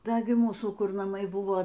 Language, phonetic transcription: Lithuanian, ˈda gi ˈmūsų ˈkur naˈmai ˈbuvo

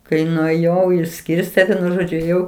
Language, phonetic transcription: Lithuanian, kai nuėˈjau išˈskirstė ˈvienu ˈžodžiu ėˈjau

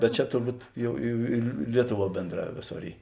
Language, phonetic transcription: Lithuanian, bet ˈčia turˈbūt ˈjau i i ˈlietuˌvuo ˈbėndˌrā ˈvėˌsor ˈy

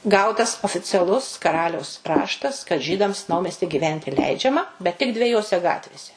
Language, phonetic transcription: Lithuanian, ˈgautas oficiaˈlus kaˈraliaus ˈraštas kad ˈžydams ˈnaumesti gyˈventi ˈleidžiama bet tik dveˈjose ˈgatvėse

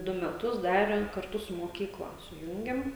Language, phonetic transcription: Lithuanian, ˈdu meˈtus ˈdarem karˈtu su moˈkykla suˈjūngiam

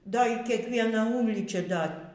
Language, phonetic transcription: Lithuanian, ˈda y kiekˈviena ˈūlyčia ˈda

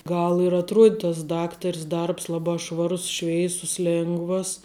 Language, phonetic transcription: Lithuanian, ˈgal ir atˈruod' tas ˈdaktar's ˈdarbs ˈlabā ˈšvarus ˈšveisus ˈlėngvas

